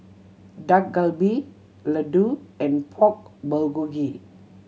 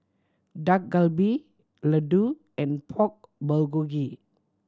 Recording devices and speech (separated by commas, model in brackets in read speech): mobile phone (Samsung C7100), standing microphone (AKG C214), read sentence